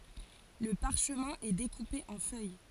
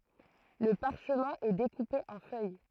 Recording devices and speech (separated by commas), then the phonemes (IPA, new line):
forehead accelerometer, throat microphone, read sentence
lə paʁʃmɛ̃ ɛ dekupe ɑ̃ fœj